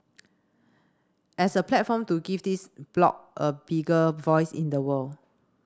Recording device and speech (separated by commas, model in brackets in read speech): standing microphone (AKG C214), read sentence